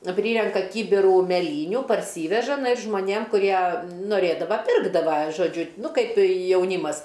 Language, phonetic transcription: Lithuanian, ˈpryrenka ˈkybirų meˈlyniu parˈsyveža žmoˈnėm kuˈrie noˈrėdava ˈpirkdava žoˈdžiu ˈnu ˈkaip jauˈnymas

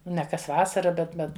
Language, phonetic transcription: Lithuanian, ne kas ˈvasara bet ˈbet

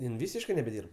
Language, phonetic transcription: Lithuanian, ˈjin ˈvysiškɜ nebeˈdyrb

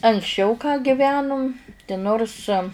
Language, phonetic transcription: Lithuanian, anksˈčiau ką giˈvenum ti ˈnors

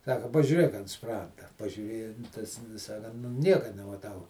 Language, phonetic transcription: Lithuanian, ˈsaka pažiūˈrėk ant ˈspranda pažiūˈrėja tas ˈvis a kan nu ˈnieka nemaˈtau

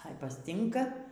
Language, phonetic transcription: Lithuanian, ai pasˈtinka

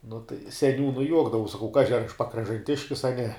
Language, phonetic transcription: Lithuanian, nu tai seˈniūnui ˈjuokdavaus saˈkau ˈkaži ar aš pakražanˈtiškis a ne

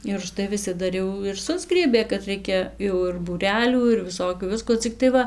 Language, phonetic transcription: Lithuanian, ir užˈtai viˈsi ˈdar jau ir ˈsusgriebė kad ˈraikia jau ir būˈrelių ir viˈsokių ˈvisko ˈciktai ˈva

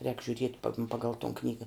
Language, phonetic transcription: Lithuanian, rēk žiuˈriet' pa ˈpagal ton ˈknyga

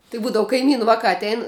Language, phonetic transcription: Lithuanian, tai ˈbūdavu kaiˈmynu ˈvakā atˈein

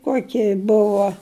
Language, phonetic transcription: Lithuanian, ˈkuoki ˈbuvo

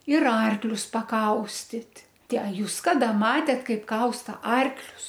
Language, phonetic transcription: Lithuanian, ir ˈarklius paˈkaustit' ˈtę a ˈjūs ˈkada ˈmatėt ˈkaip ˈkausta ˈarklius

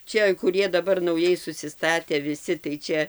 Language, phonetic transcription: Lithuanian, ˈčia kuˈrie daˈbar nauˈjai susiˈstatę viˈsi tai ˈčia

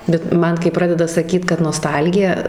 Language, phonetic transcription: Lithuanian, bet ˈman kai ˈpradeda saˈkyt kad noˈstalgija

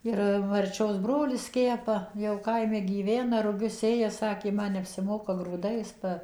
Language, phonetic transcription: Lithuanian, ˈir marˈčios ˈbrolis ˈkepa jau ˈkaime gyˈvena ruˈgius ˈsėja ˈsakė ˈman neapsiˈmoka grūˈdais ˈba

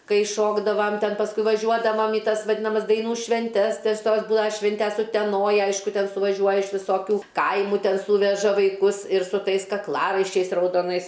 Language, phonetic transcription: Lithuanian, ˈkai ˈšokdavam ˈten pasˈkui vaˈžiuodavam į ˈtas vaˈdinamas daiˈnų švenˈtes tes ˈtos ˈbula ˈšvintes uteˈnoj ˈaišku ˈten suvaˈžiuoja iš viˈsokių ˈkaimu ˈten ˈsūveža vaiˈkus ir su ˈtais kakˈlaraiščiais raudoˈnais

